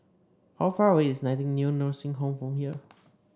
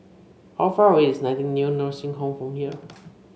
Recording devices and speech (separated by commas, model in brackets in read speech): standing microphone (AKG C214), mobile phone (Samsung C5), read sentence